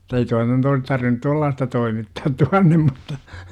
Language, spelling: Finnish, ei tuo nyt olisi tarvinnut tuollaista toimittaa tuonne mutta
- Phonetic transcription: 'ei toi nyt ois tarvinᵘt "tuallaasta 'toimittaat 'tuannem mutta , .

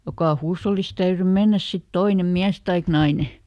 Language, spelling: Finnish, joka huushollissa täytyi mennä sitten toinen mies tai nainen
- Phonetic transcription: jokà ˈhuushollisᵗ täyry ˈmennäs sit "toine , ˈmiäs taik naine .

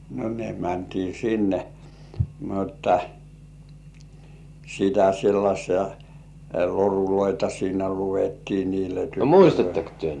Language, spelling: Finnish, no ne mentiin sinne mutta sitä sellaisia loruja siinä luettiin niille tytöille
- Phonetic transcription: no ne mäntii 'sinne , mutta , sitä 'sellaśii loruloita 'siinä "lu₍ettii niile tyttölöi(l) .

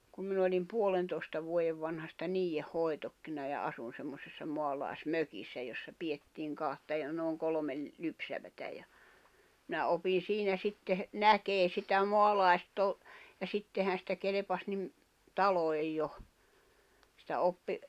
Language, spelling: Finnish, kun minä oli puolentoista vuoden vanhasta niiden hoidokkina ja asuin semmoisessa maalaismökissä jossa pidettiin kahta ja noin kolme lypsävää ja minä opin siinä sitten näkemään sitä maalaistouhua ja sittenhän sitä kelpasi niin taloihin jo sitä oppi
- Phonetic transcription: kum min ‿olim 'puolentoi̬sta vuojev vanhasta 'niijeh 'hoi̬tokkina ja 'asun semmosessa 'moalài̬s"mökissä jossa 'piʲettiiŋ 'kahta ja nooŋ 'kolᵒmel , 'lypsävätä ja , minä 'opin̬ 'siinä 'sitteh , "näkee sitä ’moalàesto[uhua] , ja 'sittehän sitä 'kelᵉpas nim , 'taloi̬j jo , sⁱtä 'oppi ,.

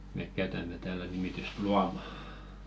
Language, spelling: Finnish, me käytämme täällä nimitystä luoma
- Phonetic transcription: "mèk 'käytäm̆me täälä nimityst "luama .

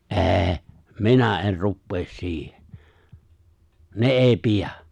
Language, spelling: Finnish, en minä en rupea siihen ne ei pidä
- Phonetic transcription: ’è̬è̬ , "minä '’e̬n̬ 'ruppees 'siihᴇ , 'ne '’èi "piᴀ̈ !

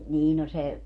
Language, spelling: Finnish, niin no se
- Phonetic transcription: 'nii no se ,.

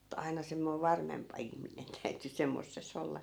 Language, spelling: Finnish, et aina semmoinen varmempi ihminen täytyi semmoisessa olla
- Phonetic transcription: (e)'t ‿aina semmoi "varmempa 'ihminen täyty 'semmosses̆'s ‿olla .

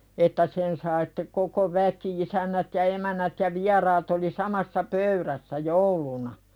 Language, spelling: Finnish, että sen sai sitten koko väki isännät ja emännät ja vieraat oli samassa pöydässä jouluna
- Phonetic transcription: että 'sen sai sᴵtte koko "väki 'isännät ja 'emännät ja 'viɛraat oli "samassa 'pöyðässä "jouluna .

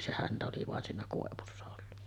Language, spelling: Finnish, se häntä oli vain siinä koivussa ollut
- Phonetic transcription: se 'häntä oli vàen siinä 'kòevussa ollu .

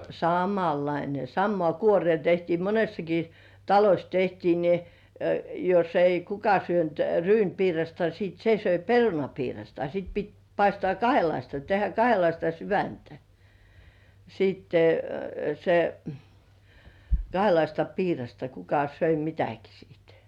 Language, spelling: Finnish, samanlainen samaan kuoreen tehtiin monessakin talossa tehtiin niin jos ei kuka syönyt ryynipiirasta sitten se söi perunapiirasta sitä piti paistaa kahdenlaista tehdä kahdenlaista sydäntä sitten se kahdenlaista piirasta kuka söi mitäkin sitten
- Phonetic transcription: samallaine 'sammoà "kuorĭ§è 'tehtii 'monessaki , "taloś tehtii ni , joss ‿ei 'kuka syönt "ryynpiirasta siit 'se söi "perunapiirasta sit pit 'paistŏ§à "kahelaista tehä 'kahelaista "syväntä , siitte , se , 'kahelaista "piirasta 'kuka söi "mitäki sìt .

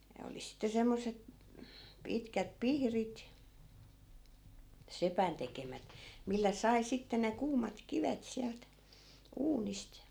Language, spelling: Finnish, ne oli sitten semmoiset pitkät pihdit sepän tekemät millä sai sitten ne kuumat kivet sieltä uunista
- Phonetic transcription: 'ne oli sitte 'semmoset , 'pitkät "pihrit , 'sepän tekemät , 'millä 'sai 'sitte ne 'kuumat 'kivet siält , 'uunist .

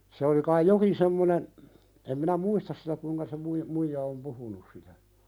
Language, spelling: Finnish, se oli kai jokin semmoinen en minä muista sitä kuinka se - muija on puhunut sitä
- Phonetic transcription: se olⁱ kaij "jokin semmonen , em minä "muistas sitä kuiŋka se mui- , 'muija om "puhunus sitä .

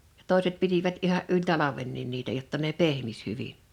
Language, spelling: Finnish, ja toiset pitivät ihan yli talvenkin niitä jotta ne pehmisi hyvin
- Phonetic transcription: Jᴀ 'tòiset 'pitivät 'iha’ ’yĺ "talavennin niitä jotta ne "pehmis 'hyviɴ .

